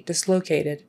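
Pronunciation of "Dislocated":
In 'dislocated', the t is said as a soft d, and the stress falls on 'lo'.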